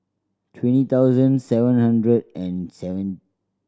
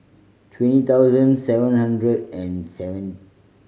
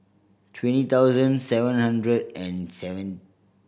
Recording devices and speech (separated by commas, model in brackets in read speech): standing microphone (AKG C214), mobile phone (Samsung C5010), boundary microphone (BM630), read sentence